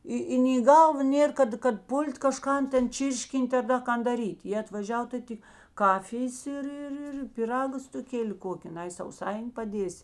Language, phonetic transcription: Lithuanian, ˈi i nei į ˈgalva ˈnėr kad kad ˈpul't' kaˈžkan ˈten ˈčyrškin't' ar ˈda ˈkan daˈryt' jė atvaˈžiav tai ˈti ˈkafijės ir ir ˈir piˈraga stuˈkėli ˈkoki ˈnai sauˈsaini paˈdiesi

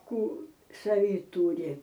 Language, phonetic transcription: Lithuanian, ˈkų saˈvy ˈtūri

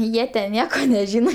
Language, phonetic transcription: Lithuanian, ˈjie ten ˈnieko neˈžyno

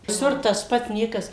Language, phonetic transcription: Lithuanian, viˈsur tas ˈpat ˈniekas

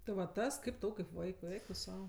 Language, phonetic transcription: Lithuanian, tai ˈva ˈtas ˈkaip ˈtau kaip ˈvaikui ˈeik tu ˈsau

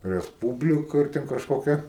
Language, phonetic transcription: Lithuanian, resˈpūblika ir ˈten kažkoˈkia

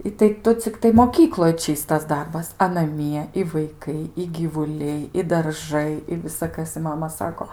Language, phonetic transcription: Lithuanian, i tai ˈtu cikˈtai moˈkykloj ˈčystas ˈdarbas a naˈmie i vaiˈkai i gyvuˈliai i darˈžai i visaˈkas i ˈmama ˈsako

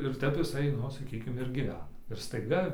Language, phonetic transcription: Lithuanian, ir ˈtep iˈsai ˈnu saˈkykim ir gyˈvena ir staiˈga

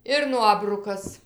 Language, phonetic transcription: Lithuanian, ir ˈnuobrukas

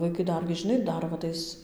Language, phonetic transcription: Lithuanian, vaiˈkai ˈdargi žiˈnai ˈdar va ˈtais

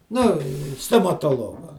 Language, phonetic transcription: Lithuanian, ˈnu stomatoˈloga

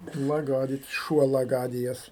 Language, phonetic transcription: Lithuanian, maˈgarič ˈšuo laˈgadijas

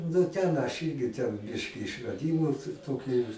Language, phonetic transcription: Lithuanian, nu ˈten aš ˈyrgi ten ˈbiški išraˈdymų t ˈtokiu

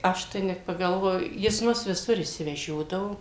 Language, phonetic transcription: Lithuanian, ˈaš tai net pagalˈvoju jis ˈmus viˈsur išsiveˈžiodavo

